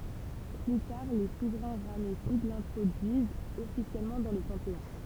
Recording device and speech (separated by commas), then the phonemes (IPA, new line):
temple vibration pickup, read sentence
ply taʁ le suvʁɛ̃ ʁamɛsid lɛ̃tʁodyizt ɔfisjɛlmɑ̃ dɑ̃ lə pɑ̃teɔ̃